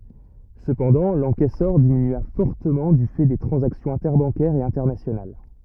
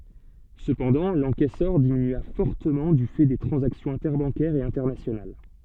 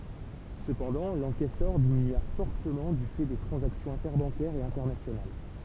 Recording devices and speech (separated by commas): rigid in-ear microphone, soft in-ear microphone, temple vibration pickup, read sentence